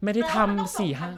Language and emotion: Thai, frustrated